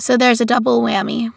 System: none